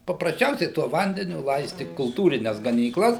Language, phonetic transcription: Lithuanian, paprasˈčiausiai tuo ˈvandeniu ˈlaisti kulˈtūrines ganyˈklas

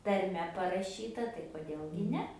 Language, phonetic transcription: Lithuanian, tarˈme paraˈšyta tai koˈdėl gi ˈne

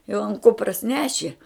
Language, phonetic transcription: Lithuanian, jau an ˈkupras ˈneši

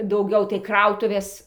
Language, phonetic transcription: Lithuanian, dauˈgiau tai ˈkrautuvės

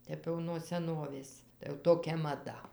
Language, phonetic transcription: Lithuanian, ˈtep jau nuo seˈnovės tai jau ˈtokia maˈda

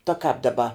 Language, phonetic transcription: Lithuanian, ta kāp daˈba

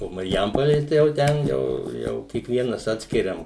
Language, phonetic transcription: Lithuanian, o marˈjampolė tai jau ˈten ˈjau ˈjau kiekˈvienas ˈatskiriam

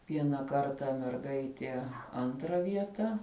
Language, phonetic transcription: Lithuanian, ˈviena ˈkarta merˈgaitie ˈantra ˈvieta

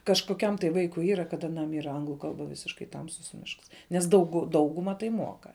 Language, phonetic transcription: Lithuanian, kažkoˈkiam tai ˈvaikui ˈyra kad aˈnam ˈyra ˈanglu ˈkalba ˈvisiškai ˈtamsus ˈmišks nes ˈdaugu ˈdauguma tai ˈmuoka

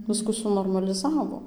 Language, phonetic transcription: Lithuanian, ˈvisku sunormaliˈzavo

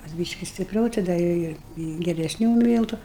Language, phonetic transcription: Lithuanian, kas ˈbyški stipˈriau tai ˈda ir ˈi i geresˈnių ˈmyltu

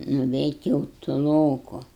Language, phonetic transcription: Lithuanian, nuveit' jau tuˈloku

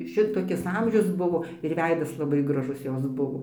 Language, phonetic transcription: Lithuanian, ˈšitokis ˈamžius ˈbuvo ir ˈveidas laˈbai graˈžus ˈjos ˈbuvo

